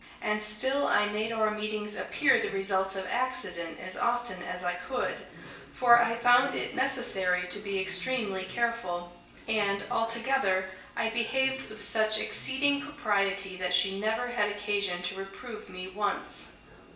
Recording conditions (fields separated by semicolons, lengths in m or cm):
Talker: one person; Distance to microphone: 1.8 m; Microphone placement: close; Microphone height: 1.0 m; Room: large; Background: television